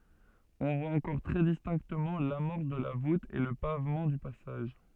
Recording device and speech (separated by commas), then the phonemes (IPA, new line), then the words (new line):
soft in-ear microphone, read sentence
ɔ̃ vwa ɑ̃kɔʁ tʁɛ distɛ̃ktəmɑ̃ lamɔʁs də la vut e lə pavmɑ̃ dy pasaʒ
On voit encore très distinctement l’amorce de la voûte et le pavement du passage.